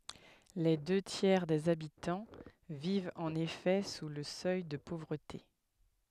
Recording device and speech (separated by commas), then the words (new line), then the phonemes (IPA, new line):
headset microphone, read sentence
Les deux tiers des habitants vivent en effet sous le seuil de pauvreté.
le dø tjɛʁ dez abitɑ̃ vivt ɑ̃n efɛ su lə sœj də povʁəte